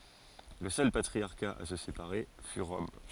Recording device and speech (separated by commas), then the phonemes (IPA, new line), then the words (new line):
forehead accelerometer, read sentence
lə sœl patʁiaʁka a sə sepaʁe fy ʁɔm
Le seul patriarcat à se séparer fut Rome.